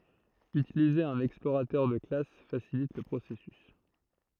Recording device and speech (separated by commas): throat microphone, read sentence